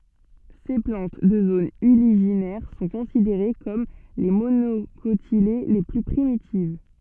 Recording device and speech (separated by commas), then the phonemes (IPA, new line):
soft in-ear microphone, read sentence
se plɑ̃t də zonz yliʒinɛʁ sɔ̃ kɔ̃sideʁe kɔm le monokotile le ply pʁimitiv